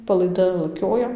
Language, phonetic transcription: Lithuanian, palaiˈda laˈkioja

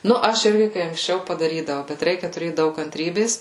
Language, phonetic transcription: Lithuanian, ˈnu ˈaš ˈirgi kai anksˈčiau padaˈrydavau bet ˈreikia tuˈrėt ˈdaug kantˈrybės

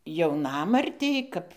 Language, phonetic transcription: Lithuanian, jauˈnamartei ˈkap

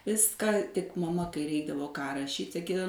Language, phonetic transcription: Lithuanian, ˈviska tik maˈma kai ˈreikdavo ką raˈšyt' saˈkydav

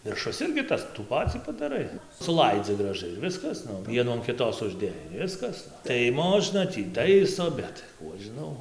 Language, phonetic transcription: Lithuanian, virˈšus ˈirgi ˈtas tų ˈpacį padaˈrai suˈlaidzi graˈžai ir ˈviskas ˈvienų an kiˈtos užˈdėjai ir ˈviskas tai ˈmožna tį ˈtaiso ˈbet ˈkų aš žiˈnau

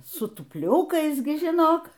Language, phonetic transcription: Lithuanian, su tupˈliukais ˈgi žiˈnok

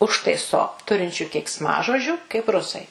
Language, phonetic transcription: Lithuanian, ˈužtaiso ˈturinčiu keiksˈmažodžių kaip ˈrusai

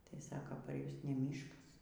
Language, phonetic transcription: Lithuanian, tai ˈsaka par ˈjus ne ˈmyškas

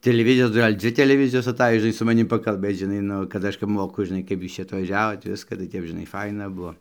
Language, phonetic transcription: Lithuanian, tiliˈvizijos ˈgal' ˈdzvi teleˈvizijos aˈtaj žiˈnai su maˈnim pakalˈbėc žiˈnai ˈnu kad ˈaš kap ˈmoku žiˈnai kaip ˈjūs atvaˈžiavot ˈviska tai ˈtep žiˈnai ˈfaina ˈbuvo

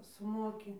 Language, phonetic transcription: Lithuanian, suˈmoki

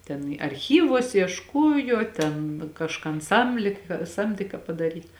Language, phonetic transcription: Lithuanian, ten i arˈchyvuos iešˈkuojo ten kažˈkan ˈsamlė ka ˈsamdė ka padaˈryt

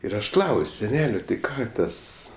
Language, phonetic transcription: Lithuanian, ir ˈaš ˈklaus' seˈnelio ti ˈką ˈtas

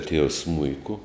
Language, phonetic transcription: Lithuanian, tievs ˈsmuiku

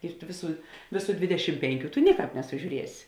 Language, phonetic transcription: Lithuanian, ir tu ˈviˌsų ˈvėˌsų ˈdvidešim ˈpenˌkių tu ˈniˌkāp nesuˈžiūriesi

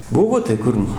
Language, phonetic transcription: Lithuanian, ˈbuvo tai ˈkur nu

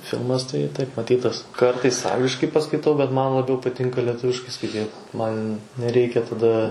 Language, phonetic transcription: Lithuanian, ˈfilmas tai taip maˈtytas ˈkartais ˈangliškai paskaiˈtau bet ˈman laˈbiau paˈtinka lieˈtuviškai skaiˈtyt ˈman neˈreikia taˈda

